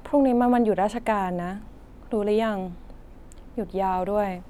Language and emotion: Thai, frustrated